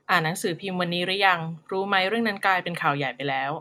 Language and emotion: Thai, neutral